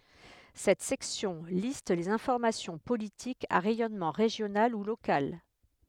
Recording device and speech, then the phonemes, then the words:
headset microphone, read sentence
sɛt sɛksjɔ̃ list le fɔʁmasjɔ̃ politikz a ʁɛjɔnmɑ̃ ʁeʒjonal u lokal
Cette section liste les formations politiques à rayonnement régional ou local.

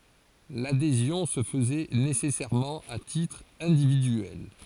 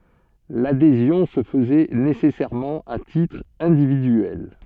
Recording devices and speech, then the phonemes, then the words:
forehead accelerometer, soft in-ear microphone, read sentence
ladezjɔ̃ sə fəzɛ nesɛsɛʁmɑ̃ a titʁ ɛ̃dividyɛl
L'adhésion se faisait nécessairement à titre individuel.

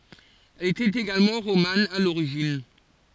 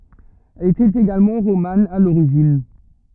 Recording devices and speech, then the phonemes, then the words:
forehead accelerometer, rigid in-ear microphone, read sentence
ɛl etɛt eɡalmɑ̃ ʁoman a loʁiʒin
Elle était également romane à l'origine.

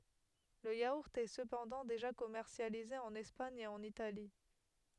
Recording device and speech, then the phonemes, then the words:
headset microphone, read sentence
lə jauʁt ɛ səpɑ̃dɑ̃ deʒa kɔmɛʁsjalize ɑ̃n ɛspaɲ e ɑ̃n itali
Le yaourt est cependant déjà commercialisé en Espagne et en Italie.

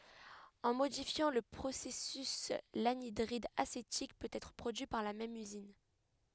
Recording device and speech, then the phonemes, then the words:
headset microphone, read sentence
ɑ̃ modifjɑ̃ lə pʁosɛsys lanidʁid asetik pøt ɛtʁ pʁodyi paʁ la mɛm yzin
En modifiant le processus, l'anhydride acétique peut être produit par la même usine.

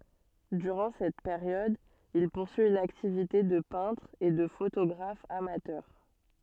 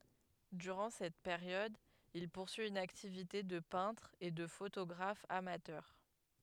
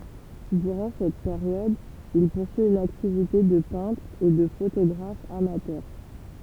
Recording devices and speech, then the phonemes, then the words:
soft in-ear microphone, headset microphone, temple vibration pickup, read sentence
dyʁɑ̃ sɛt peʁjɔd il puʁsyi yn aktivite də pɛ̃tʁ e də fotoɡʁaf amatœʁ
Durant cette période, il poursuit une activité de peintre et de photographe amateur.

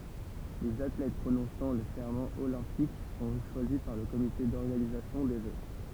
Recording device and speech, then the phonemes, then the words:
temple vibration pickup, read sentence
lez atlɛt pʁonɔ̃sɑ̃ lə sɛʁmɑ̃ olɛ̃pik sɔ̃ ʃwazi paʁ lə komite dɔʁɡanizasjɔ̃ de ʒø
Les athlètes prononçant le serment olympique sont choisis par le comité d'organisation des Jeux.

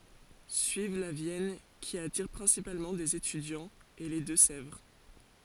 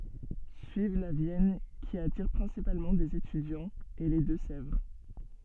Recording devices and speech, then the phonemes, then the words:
forehead accelerometer, soft in-ear microphone, read sentence
syiv la vjɛn ki atiʁ pʁɛ̃sipalmɑ̃ dez etydjɑ̃z e le dø sɛvʁ
Suivent la Vienne, qui attire principalement des étudiants, et les Deux-Sèvres.

